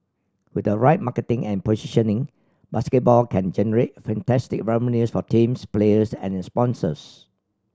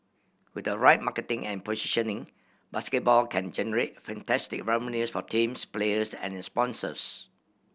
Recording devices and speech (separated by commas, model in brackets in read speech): standing microphone (AKG C214), boundary microphone (BM630), read sentence